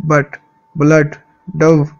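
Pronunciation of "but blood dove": In 'but', 'blood' and 'dove', the vowel is the wedge, an uh sound said with a little stress and some more force.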